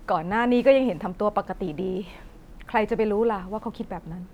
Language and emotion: Thai, sad